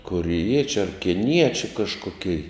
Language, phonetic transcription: Lithuanian, koriˈjiečiu ar kiˈniečiu kažkoˈkei

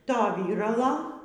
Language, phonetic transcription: Lithuanian, ˈto ˈvyralo

